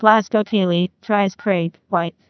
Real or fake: fake